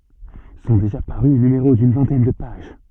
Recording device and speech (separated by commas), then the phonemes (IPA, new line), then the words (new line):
soft in-ear microphone, read sentence
sɔ̃ deʒa paʁy nymeʁo dyn vɛ̃tɛn də paʒ
Sont déjà parus numéros d'une vingtaine de pages.